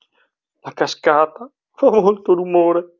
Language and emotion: Italian, sad